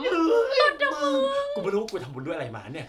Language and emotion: Thai, happy